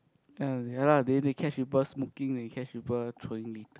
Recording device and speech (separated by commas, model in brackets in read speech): close-talking microphone, conversation in the same room